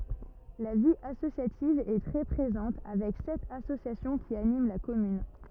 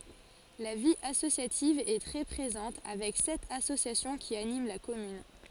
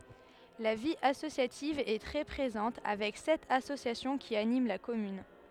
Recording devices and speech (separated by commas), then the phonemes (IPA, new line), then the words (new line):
rigid in-ear microphone, forehead accelerometer, headset microphone, read sentence
la vi asosjativ ɛ tʁɛ pʁezɑ̃t avɛk sɛt asosjasjɔ̃ ki anim la kɔmyn
La vie associative est très présente avec sept associations qui animent la commune.